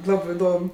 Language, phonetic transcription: Lithuanian, ˈlabɜ iˈdom

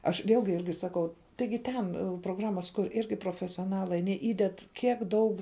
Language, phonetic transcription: Lithuanian, aš ˈvėlgi ˈirgi ˈsakau ˈtaigi ˈtoˌbuˌluten proˈgramas ˈtoˌbuˌlukur' ˈirgi profesioˈnalai aˈnie ˈįded ˈkiek ˈdaug

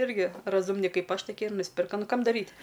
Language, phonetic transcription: Lithuanian, ˈirgi raˈzumni ˈkaip ˈaš toˈkie ir nusˈpirka ˈnu ˈkam daˈryt'

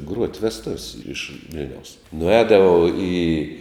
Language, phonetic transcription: Lithuanian, gruot' vesˈtuv's' iš ˈvil'niaus nuˈēdavau į

